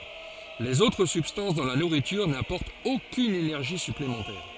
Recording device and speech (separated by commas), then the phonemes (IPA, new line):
forehead accelerometer, read sentence
lez otʁ sybstɑ̃s dɑ̃ la nuʁityʁ napɔʁtt okyn enɛʁʒi syplemɑ̃tɛʁ